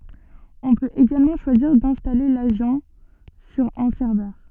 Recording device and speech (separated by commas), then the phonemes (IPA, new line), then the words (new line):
soft in-ear microphone, read sentence
ɔ̃ pøt eɡalmɑ̃ ʃwaziʁ dɛ̃stale laʒɑ̃ syʁ œ̃ sɛʁvœʁ
On peut également choisir d'installer l'agent sur un serveur.